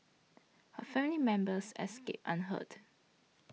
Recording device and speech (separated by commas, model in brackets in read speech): mobile phone (iPhone 6), read sentence